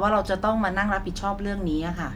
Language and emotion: Thai, neutral